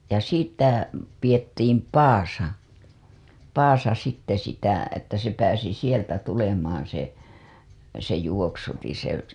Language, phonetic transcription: Finnish, ja 'sitä pijettiim "paasa , 'paasa sitte sitä , että se pääsi sieltä tulemaaa̰ se , se juoksutiḭ se .
- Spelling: ja sitä pidettiin padassa padassa sitten sitä että se pääsi sieltä tulemaan se se juoksutin se

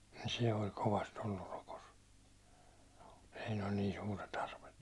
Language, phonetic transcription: Finnish, nin̬ se oĺ 'kovast ‿ollur rokos , siin ‿oĺ niin 'suure't ‿arvet .
- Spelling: niin se oli kovasti ollut rokossa siinä oli niin suuret arvet

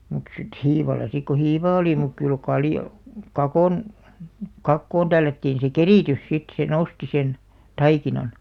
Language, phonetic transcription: Finnish, mut sit "hiival̆la sik ko "hivaa 'oli muk kyl 'kaljo- , 'kakòn , "kakkoon 'tällättiin̬ se "kerìtys sit se 'nosti sen , "taikinan .
- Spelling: mutta sitten hiivalla sitten kun hiivaa oli mutta kyllä - kakon kakkoon tällättiin se keritys sitten se nosti sen taikinan

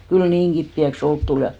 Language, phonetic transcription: Finnish, kyl "niiŋ ɢippi₍äk's ‿olk tul ja .
- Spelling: kyllä niin kipeäksi olka tuli ja

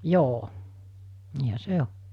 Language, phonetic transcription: Finnish, 'joo , niihä "se o .
- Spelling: joo niinhän se on

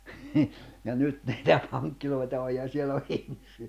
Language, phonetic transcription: Finnish, ja 'nyt niitä 'paŋkkiloita oj ja 'siel ‿o 'ihmisi₍ä .
- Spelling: ja nyt niitä pankkeja on ja siellä on ihmisiä

